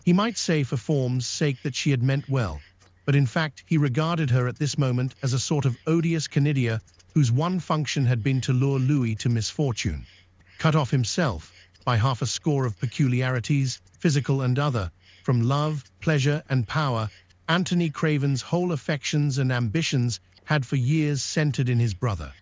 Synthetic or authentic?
synthetic